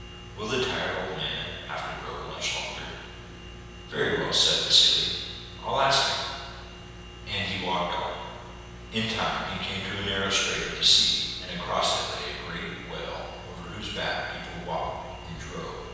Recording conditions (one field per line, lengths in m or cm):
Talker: one person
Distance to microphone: 7.1 m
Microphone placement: far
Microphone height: 1.7 m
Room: very reverberant, large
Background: none